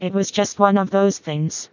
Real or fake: fake